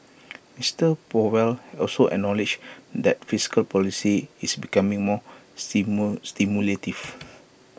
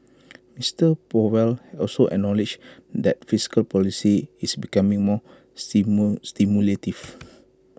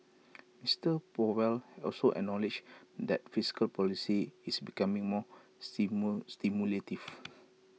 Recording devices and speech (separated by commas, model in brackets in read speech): boundary microphone (BM630), close-talking microphone (WH20), mobile phone (iPhone 6), read sentence